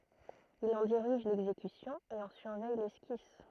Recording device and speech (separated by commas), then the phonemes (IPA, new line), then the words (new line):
throat microphone, read sentence
il ɑ̃ diʁiʒ lɛɡzekysjɔ̃ e ɑ̃ syʁvɛj lɛskis
Il en dirige l'exécution et en surveille l'esquisse.